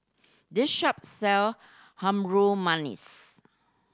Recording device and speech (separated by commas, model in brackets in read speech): standing microphone (AKG C214), read sentence